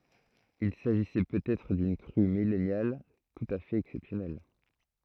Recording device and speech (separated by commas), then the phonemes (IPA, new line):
throat microphone, read sentence
il saʒisɛ pøt ɛtʁ dyn kʁy milɛnal tut a fɛt ɛksɛpsjɔnɛl